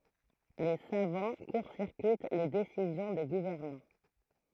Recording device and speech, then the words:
throat microphone, read sentence
Les savants court-circuitent les décisions des gouvernants.

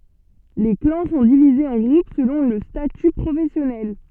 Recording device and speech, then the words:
soft in-ear microphone, read sentence
Les clans sont divisés en groupes selon le statut professionnel.

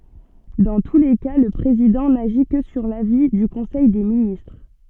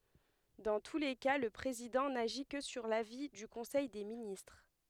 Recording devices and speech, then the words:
soft in-ear microphone, headset microphone, read sentence
Dans tous les cas, le président n'agit que sur l'avis du conseil des ministres.

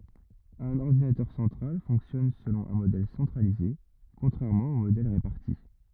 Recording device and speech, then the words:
rigid in-ear microphone, read sentence
Un ordinateur central fonctionne selon un modèle centralisé, contrairement aux modèles répartis.

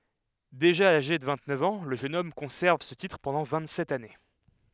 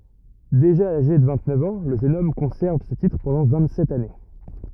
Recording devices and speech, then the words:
headset microphone, rigid in-ear microphone, read sentence
Déjà âgé de vingt-neuf ans, le jeune homme conserve ce titre pendant vingt-sept années.

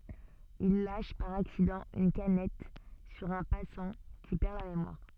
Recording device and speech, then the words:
soft in-ear microphone, read sentence
Il lâche par accident une canette sur un passant, qui perd la mémoire...

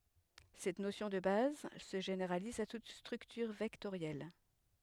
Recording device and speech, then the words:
headset microphone, read sentence
Cette notion de base se généralise à toute structure vectorielle.

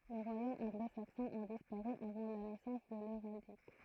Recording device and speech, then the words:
throat microphone, read sentence
Les royaumes anglo-saxons ont disparu avant la naissance de l'héraldique.

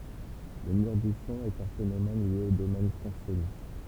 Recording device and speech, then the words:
temple vibration pickup, read sentence
Le mur du son est un phénomène lié au domaine transsonique.

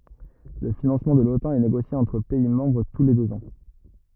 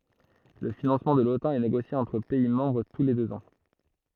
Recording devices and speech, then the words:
rigid in-ear microphone, throat microphone, read sentence
Le financement de l'Otan est négocié entre pays membres tous les deux ans.

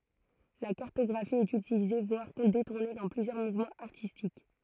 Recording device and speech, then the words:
throat microphone, read sentence
La cartographie est utilisée voire détournée dans plusieurs mouvements artistiques.

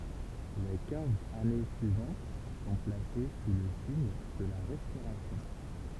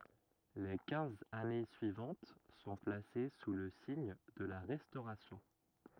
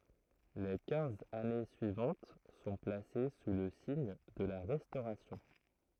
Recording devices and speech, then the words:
temple vibration pickup, rigid in-ear microphone, throat microphone, read sentence
Les quinze années suivantes sont placées sous le signe de la Restauration.

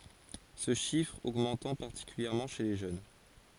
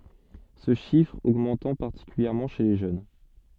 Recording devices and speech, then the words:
forehead accelerometer, soft in-ear microphone, read sentence
Ce chiffre augmentant particulièrement chez les jeunes.

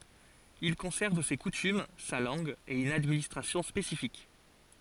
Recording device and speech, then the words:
forehead accelerometer, read sentence
Il conserve ses coutumes, sa langue et une administration spécifique.

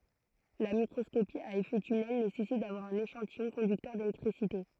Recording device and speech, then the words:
throat microphone, read sentence
La microscopie à effet tunnel nécessite d'avoir un échantillon conducteur d'électricité.

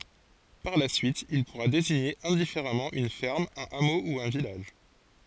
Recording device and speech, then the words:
forehead accelerometer, read sentence
Par la suite, il pourra désigner indifféremment une ferme, un hameau ou un village.

